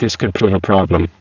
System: VC, spectral filtering